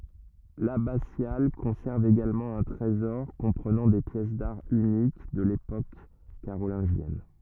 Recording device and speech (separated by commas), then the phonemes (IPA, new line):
rigid in-ear microphone, read sentence
labasjal kɔ̃sɛʁv eɡalmɑ̃ œ̃ tʁezɔʁ kɔ̃pʁənɑ̃ de pjɛs daʁ ynik də lepok kaʁolɛ̃ʒjɛn